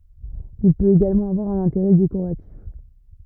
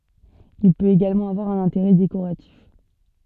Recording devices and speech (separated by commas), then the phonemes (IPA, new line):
rigid in-ear microphone, soft in-ear microphone, read sentence
il pøt eɡalmɑ̃ avwaʁ œ̃n ɛ̃teʁɛ dekoʁatif